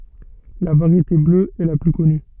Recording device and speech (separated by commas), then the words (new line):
soft in-ear microphone, read sentence
La variété bleue est la plus connue.